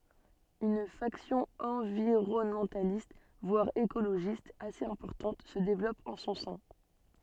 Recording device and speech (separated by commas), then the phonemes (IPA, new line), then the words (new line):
soft in-ear microphone, read sentence
yn faksjɔ̃ ɑ̃viʁɔnmɑ̃talist vwaʁ ekoloʒist asez ɛ̃pɔʁtɑ̃t sə devlɔp ɑ̃ sɔ̃ sɛ̃
Une faction environnementaliste, voire écologiste, assez importante se développe en son sein.